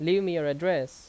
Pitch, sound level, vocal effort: 170 Hz, 88 dB SPL, loud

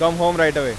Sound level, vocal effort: 98 dB SPL, loud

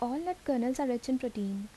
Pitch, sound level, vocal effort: 250 Hz, 76 dB SPL, soft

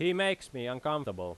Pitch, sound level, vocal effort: 145 Hz, 92 dB SPL, very loud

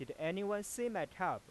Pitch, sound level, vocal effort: 195 Hz, 94 dB SPL, normal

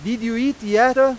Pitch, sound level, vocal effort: 240 Hz, 102 dB SPL, very loud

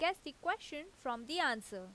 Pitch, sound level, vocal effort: 300 Hz, 88 dB SPL, loud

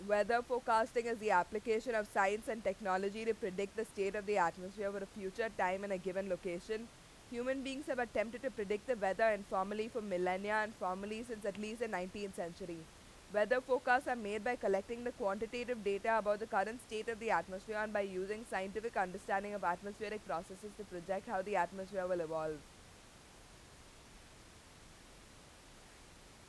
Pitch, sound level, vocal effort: 210 Hz, 92 dB SPL, very loud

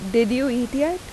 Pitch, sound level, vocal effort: 255 Hz, 84 dB SPL, normal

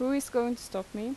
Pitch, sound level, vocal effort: 240 Hz, 85 dB SPL, normal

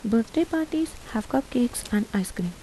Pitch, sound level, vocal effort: 235 Hz, 77 dB SPL, soft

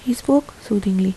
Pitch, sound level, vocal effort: 225 Hz, 76 dB SPL, soft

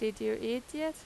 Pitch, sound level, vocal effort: 235 Hz, 89 dB SPL, loud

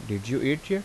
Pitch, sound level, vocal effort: 135 Hz, 83 dB SPL, normal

